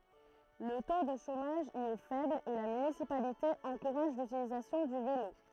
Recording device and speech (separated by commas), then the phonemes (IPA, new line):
throat microphone, read sentence
lə to də ʃomaʒ i ɛ fɛbl e la mynisipalite ɑ̃kuʁaʒ lytilizasjɔ̃ dy velo